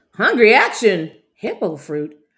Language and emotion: English, fearful